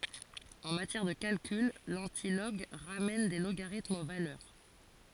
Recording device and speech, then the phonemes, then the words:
forehead accelerometer, read sentence
ɑ̃ matjɛʁ də kalkyl lɑ̃tilɔɡ ʁamɛn de loɡaʁitmz o valœʁ
En matière de calcul, l'antilog ramène des logarithmes aux valeurs.

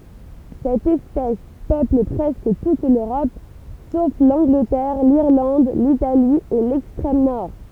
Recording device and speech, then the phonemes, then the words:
temple vibration pickup, read sentence
sɛt ɛspɛs pøpl pʁɛskə tut løʁɔp sof lɑ̃ɡlətɛʁ liʁlɑ̃d litali e lɛkstʁɛm nɔʁ
Cette espèce peuple presque toute l'Europe, sauf l'Angleterre, l'Irlande, l'Italie et l'extrême Nord.

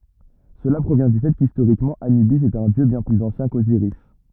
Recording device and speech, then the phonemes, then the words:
rigid in-ear microphone, read sentence
səla pʁovjɛ̃ dy fɛ kistoʁikmɑ̃ anybis ɛt œ̃ djø bjɛ̃ plyz ɑ̃sjɛ̃ koziʁis
Cela provient du fait qu'historiquement Anubis est un dieu bien plus ancien qu'Osiris.

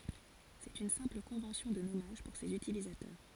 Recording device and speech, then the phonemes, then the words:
forehead accelerometer, read sentence
sɛt yn sɛ̃pl kɔ̃vɑ̃sjɔ̃ də nɔmaʒ puʁ sez ytilizatœʁ
C'est une simple convention de nommage pour ses utilisateurs.

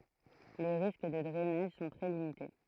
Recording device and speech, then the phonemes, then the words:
throat microphone, read sentence
le ʁisk də dʁɛnaʒ sɔ̃ tʁɛ limite
Les risques de drainage sont très limités.

